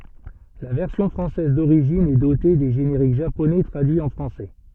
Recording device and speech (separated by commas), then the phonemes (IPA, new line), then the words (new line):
soft in-ear microphone, read sentence
la vɛʁsjɔ̃ fʁɑ̃sɛz doʁiʒin ɛ dote de ʒeneʁik ʒaponɛ tʁadyiz ɑ̃ fʁɑ̃sɛ
La version française d'origine est dotée des génériques japonais traduits en français.